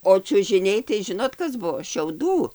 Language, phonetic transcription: Lithuanian, o čiužiˈniai tai ˈžinot ˈkas ˈbuo šiauˈdų

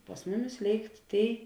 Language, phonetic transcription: Lithuanian, pas ˈmuˌmis ˈlėikt ˈtėi

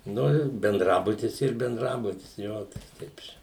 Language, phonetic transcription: Lithuanian, ˈnu ir benˈdrabutis ˈyr benˈdrabutis ˈjo ˈtai ˈteip čia

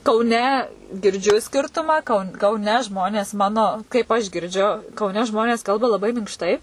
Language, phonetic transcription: Lithuanian, kauˈne girˈdžiu ˈskirtumą kau kauˈne ˈžmonės ˈmano kaip aš girˈdžiu kauˈne ˈžmonės ˈkalba laˈbai minkšˈtai

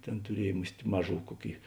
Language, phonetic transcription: Lithuanian, ˈtėn tuˈriej ˈmus't' ˈmaˌžų ˈkuoˌkėi

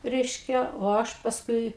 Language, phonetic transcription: Lithuanian, ˈreiškia o ˈaš pasˈkui

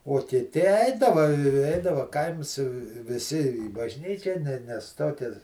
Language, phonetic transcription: Lithuanian, uo kiˈti ˈeidava i ˈeidava ˈkaims viˈsi į bažˈnyčią ne nes ˈtokias

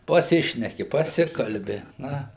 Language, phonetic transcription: Lithuanian, paˈsišneki paˈsikalbi ˈna

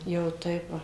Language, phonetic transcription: Lithuanian, jau ˈtaip ˈva

